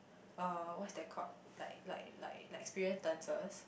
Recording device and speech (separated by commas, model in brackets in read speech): boundary microphone, conversation in the same room